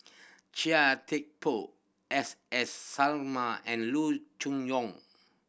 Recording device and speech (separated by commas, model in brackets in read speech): boundary microphone (BM630), read sentence